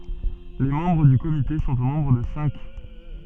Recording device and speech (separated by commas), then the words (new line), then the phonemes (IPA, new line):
soft in-ear microphone, read sentence
Les membres du comité sont au nombre de cinq.
le mɑ̃bʁ dy komite sɔ̃t o nɔ̃bʁ də sɛ̃k